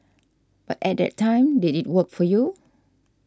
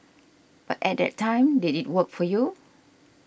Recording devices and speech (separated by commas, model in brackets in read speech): standing microphone (AKG C214), boundary microphone (BM630), read sentence